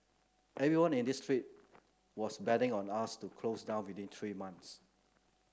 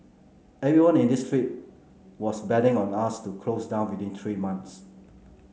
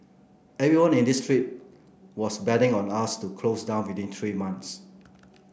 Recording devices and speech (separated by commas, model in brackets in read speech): close-talking microphone (WH30), mobile phone (Samsung C9), boundary microphone (BM630), read sentence